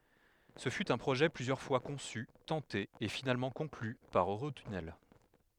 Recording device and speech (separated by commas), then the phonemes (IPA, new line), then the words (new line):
headset microphone, read sentence
sə fy œ̃ pʁoʒɛ plyzjœʁ fwa kɔ̃sy tɑ̃te e finalmɑ̃ kɔ̃kly paʁ øʁotynɛl
Ce fut un projet plusieurs fois conçu, tenté et finalement conclu par Eurotunnel.